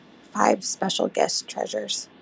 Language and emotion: English, sad